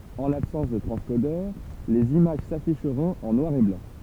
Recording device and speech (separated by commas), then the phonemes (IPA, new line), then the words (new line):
temple vibration pickup, read sentence
ɑ̃ labsɑ̃s də tʁɑ̃skodœʁ lez imaʒ safiʃʁɔ̃t ɑ̃ nwaʁ e blɑ̃
En l'absence de transcodeur, les images s'afficheront en noir et blanc.